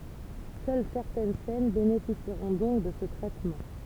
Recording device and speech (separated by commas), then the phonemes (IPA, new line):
temple vibration pickup, read sentence
sœl sɛʁtɛn sɛn benefisiʁɔ̃ dɔ̃k də sə tʁɛtmɑ̃